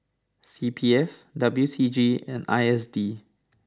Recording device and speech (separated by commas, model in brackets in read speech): standing microphone (AKG C214), read sentence